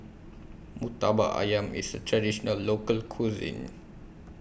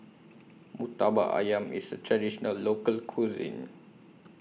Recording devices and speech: boundary microphone (BM630), mobile phone (iPhone 6), read sentence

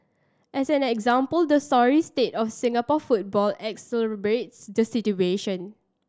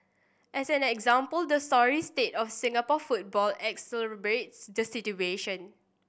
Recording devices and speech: standing microphone (AKG C214), boundary microphone (BM630), read sentence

